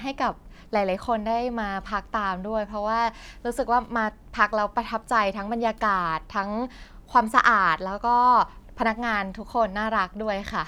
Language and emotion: Thai, happy